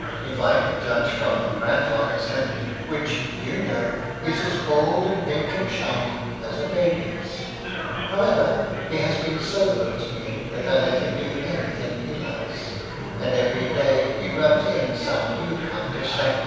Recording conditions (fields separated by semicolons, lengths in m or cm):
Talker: one person; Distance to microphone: 7.1 m; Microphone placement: far; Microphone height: 1.7 m; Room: very reverberant, large; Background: babble